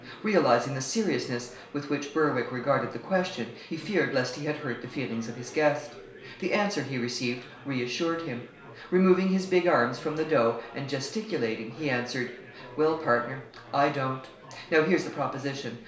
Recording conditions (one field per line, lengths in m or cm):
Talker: one person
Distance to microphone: 1.0 m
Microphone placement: close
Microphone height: 1.1 m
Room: small (3.7 m by 2.7 m)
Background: babble